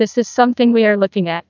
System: TTS, neural waveform model